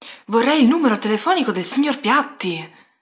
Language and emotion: Italian, surprised